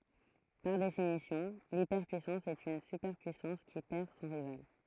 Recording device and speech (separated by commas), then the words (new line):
throat microphone, read sentence
Par définition, l’hyperpuissance est une superpuissance qui perd son rival.